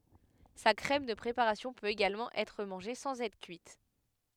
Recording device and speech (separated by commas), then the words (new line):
headset microphone, read sentence
Sa crème de préparation peut également être mangée sans être cuite.